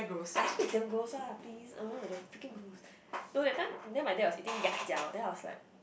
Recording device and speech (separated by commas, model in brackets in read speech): boundary microphone, conversation in the same room